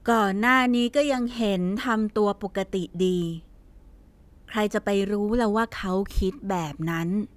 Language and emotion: Thai, frustrated